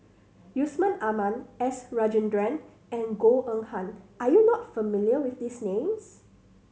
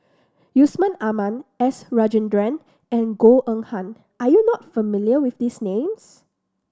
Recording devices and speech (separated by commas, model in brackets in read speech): mobile phone (Samsung C7100), standing microphone (AKG C214), read sentence